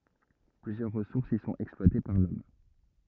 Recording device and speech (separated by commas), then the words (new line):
rigid in-ear microphone, read sentence
Plusieurs ressources y sont exploitées par l'Homme.